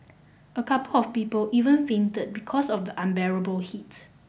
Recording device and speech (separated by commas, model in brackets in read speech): boundary microphone (BM630), read sentence